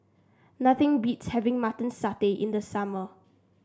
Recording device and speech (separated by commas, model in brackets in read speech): standing microphone (AKG C214), read sentence